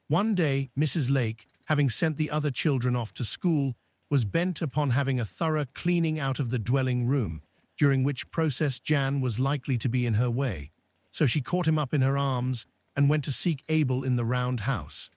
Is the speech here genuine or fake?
fake